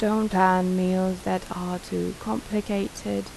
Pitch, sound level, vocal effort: 185 Hz, 80 dB SPL, soft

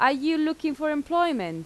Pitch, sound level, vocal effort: 305 Hz, 90 dB SPL, very loud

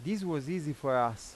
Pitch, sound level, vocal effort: 150 Hz, 90 dB SPL, loud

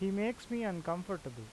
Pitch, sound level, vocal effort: 195 Hz, 87 dB SPL, normal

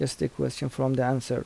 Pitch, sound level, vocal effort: 130 Hz, 78 dB SPL, soft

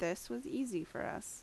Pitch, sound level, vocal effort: 230 Hz, 79 dB SPL, normal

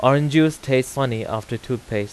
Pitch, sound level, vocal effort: 130 Hz, 90 dB SPL, loud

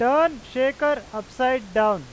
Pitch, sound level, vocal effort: 255 Hz, 99 dB SPL, very loud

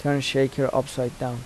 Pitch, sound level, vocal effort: 130 Hz, 80 dB SPL, soft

